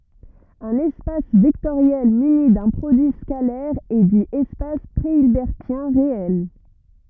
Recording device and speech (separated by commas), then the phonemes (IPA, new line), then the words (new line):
rigid in-ear microphone, read sentence
œ̃n ɛspas vɛktoʁjɛl myni dœ̃ pʁodyi skalɛʁ ɛ di ɛspas pʁeilbɛʁtjɛ̃ ʁeɛl
Un espace vectoriel muni d'un produit scalaire est dit espace préhilbertien réel.